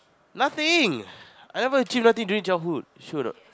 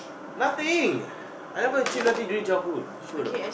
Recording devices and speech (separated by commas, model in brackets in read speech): close-talking microphone, boundary microphone, conversation in the same room